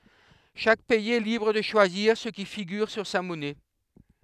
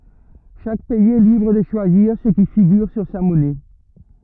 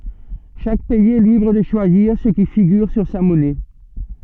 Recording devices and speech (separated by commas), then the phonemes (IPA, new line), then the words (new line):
headset microphone, rigid in-ear microphone, soft in-ear microphone, read sentence
ʃak pɛiz ɛ libʁ də ʃwaziʁ sə ki fiɡyʁ syʁ sa mɔnɛ
Chaque pays est libre de choisir ce qui figure sur sa monnaie.